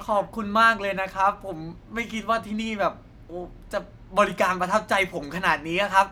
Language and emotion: Thai, happy